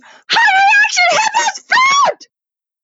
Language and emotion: English, surprised